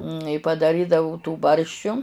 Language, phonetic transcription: Lithuanian, i padaˈrydavu tų ˈbarščiu

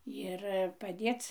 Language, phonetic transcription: Lithuanian, jir paˈdėc

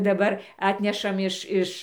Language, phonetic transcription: Lithuanian, daˈbar ˈatnešam ˈiš ˈiš

